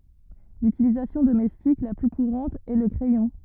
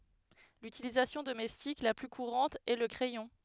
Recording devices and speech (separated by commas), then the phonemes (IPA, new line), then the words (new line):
rigid in-ear microphone, headset microphone, read sentence
lytilizasjɔ̃ domɛstik la ply kuʁɑ̃t ɛ lə kʁɛjɔ̃
L'utilisation domestique la plus courante est le crayon.